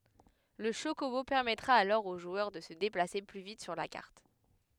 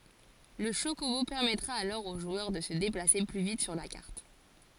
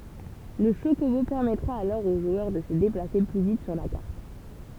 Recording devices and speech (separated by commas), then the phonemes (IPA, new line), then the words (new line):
headset microphone, forehead accelerometer, temple vibration pickup, read sentence
lə ʃokobo pɛʁmɛtʁa alɔʁ o ʒwœʁ də sə deplase ply vit syʁ la kaʁt
Le chocobo permettra alors au joueur de se déplacer plus vite sur la carte.